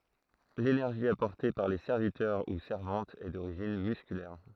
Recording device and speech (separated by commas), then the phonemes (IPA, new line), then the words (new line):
throat microphone, read sentence
lenɛʁʒi apɔʁte paʁ le sɛʁvitœʁ u sɛʁvɑ̃tz ɛ doʁiʒin myskylɛʁ
L’énergie apportée par les serviteurs ou servantes est d'origine musculaire.